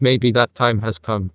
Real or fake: fake